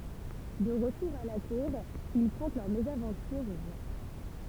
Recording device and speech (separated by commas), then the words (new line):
temple vibration pickup, read sentence
De retour à la Cour, ils content leur mésaventure au roi.